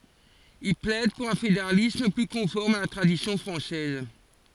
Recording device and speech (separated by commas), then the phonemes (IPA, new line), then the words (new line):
forehead accelerometer, read sentence
il plɛd puʁ œ̃ fedeʁalism ply kɔ̃fɔʁm a la tʁadisjɔ̃ fʁɑ̃sɛz
Il plaide pour un fédéralisme, plus conforme à la tradition française.